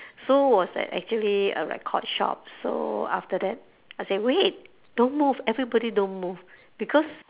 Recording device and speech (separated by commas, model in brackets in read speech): telephone, conversation in separate rooms